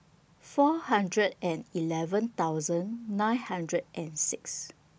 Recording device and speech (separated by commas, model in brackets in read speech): boundary microphone (BM630), read sentence